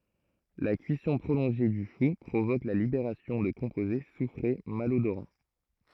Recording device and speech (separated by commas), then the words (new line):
throat microphone, read sentence
La cuisson prolongée du chou provoque la libération de composés soufrés malodorants.